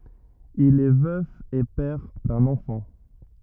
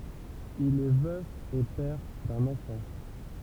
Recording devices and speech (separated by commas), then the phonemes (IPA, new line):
rigid in-ear microphone, temple vibration pickup, read sentence
il ɛ vœf e pɛʁ dœ̃n ɑ̃fɑ̃